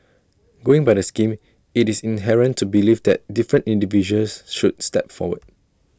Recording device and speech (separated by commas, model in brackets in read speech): standing microphone (AKG C214), read sentence